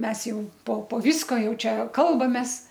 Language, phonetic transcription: Lithuanian, ˈmes ˈjau po po ˈvysko ˈjau ˈčia ˈkalbamės

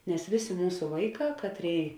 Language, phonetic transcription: Lithuanian, nes ˈvėˌsė ˈmūsu ˈvaiˌkā ˈkatˌrėi

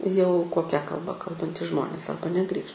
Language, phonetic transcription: Lithuanian, jau koˈkia kalˈba ˈkalbantys ˈžmonės ˈarba neˈgrįš

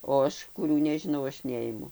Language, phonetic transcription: Lithuanian, o ˈaš kuˈrių nežiˈnau ˈaš ˈneimu

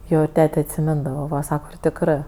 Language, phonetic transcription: Lithuanian, ˈjo ir ˈtete atsiˈmindava ˈva ˈsaka ir tikˈrɜ

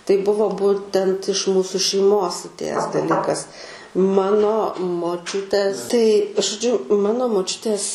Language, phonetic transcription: Lithuanian, tai ˈbuvo ˈbūtent iš ˈmūsu šeiˈmos atˈėjęs daˈlykas ˈmano moˈčiutes tai žoˈdžiu ˈmano moˈčiutės

